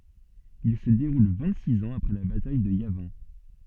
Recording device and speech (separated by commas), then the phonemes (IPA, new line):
soft in-ear microphone, read sentence
il sə deʁul vɛ̃t siz ɑ̃z apʁɛ la bataj də javɛ̃